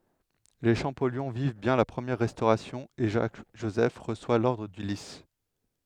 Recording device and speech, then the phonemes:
headset microphone, read sentence
le ʃɑ̃pɔljɔ̃ viv bjɛ̃ la pʁəmjɛʁ ʁɛstoʁasjɔ̃ e ʒak ʒozɛf ʁəswa lɔʁdʁ dy lis

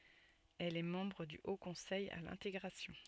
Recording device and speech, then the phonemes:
soft in-ear microphone, read sentence
ɛl ɛ mɑ̃bʁ dy o kɔ̃sɛj a lɛ̃teɡʁasjɔ̃

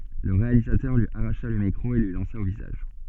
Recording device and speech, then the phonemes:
soft in-ear microphone, read sentence
lə ʁealizatœʁ lyi aʁaʃa lə mikʁo e lyi lɑ̃sa o vizaʒ

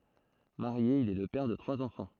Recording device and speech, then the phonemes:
throat microphone, read sentence
maʁje il ɛ lə pɛʁ də tʁwaz ɑ̃fɑ̃

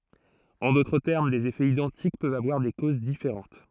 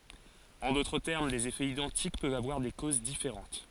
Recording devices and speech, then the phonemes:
throat microphone, forehead accelerometer, read sentence
ɑ̃ dotʁ tɛʁm dez efɛz idɑ̃tik pøvt avwaʁ de koz difeʁɑ̃t

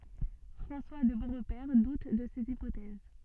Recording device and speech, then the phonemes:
soft in-ear microphone, read sentence
fʁɑ̃swa də boʁpɛʁ dut də sez ipotɛz

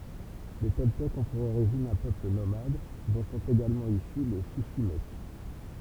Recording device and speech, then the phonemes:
temple vibration pickup, read sentence
le tɔltɛkz ɔ̃ puʁ oʁiʒin œ̃ pøpl nomad dɔ̃ sɔ̃t eɡalmɑ̃ isy le ʃiʃimɛk

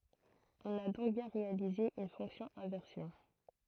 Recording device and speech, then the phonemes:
throat microphone, read sentence
ɔ̃n a dɔ̃k bjɛ̃ ʁealize yn fɔ̃ksjɔ̃ ɛ̃vɛʁsjɔ̃

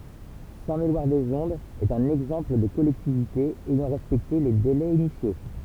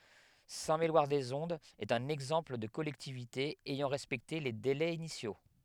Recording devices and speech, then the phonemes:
temple vibration pickup, headset microphone, read sentence
sɛ̃tmelwaʁdəzɔ̃dz ɛt œ̃n ɛɡzɑ̃pl də kɔlɛktivite ɛjɑ̃ ʁɛspɛkte le delɛz inisjo

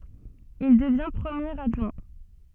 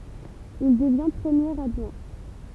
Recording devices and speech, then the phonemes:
soft in-ear microphone, temple vibration pickup, read sentence
il dəvjɛ̃ pʁəmjeʁ adʒwɛ̃

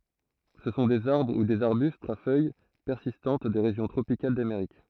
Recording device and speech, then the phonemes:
throat microphone, read sentence
sə sɔ̃ dez aʁbʁ u dez aʁbystz a fœj pɛʁsistɑ̃t de ʁeʒjɔ̃ tʁopikal dameʁik

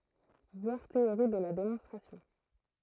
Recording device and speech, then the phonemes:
throat microphone, read sentence
vwaʁ teoʁi də la demɔ̃stʁasjɔ̃

